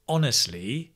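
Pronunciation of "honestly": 'Honestly' is said with a rising, falling intonation.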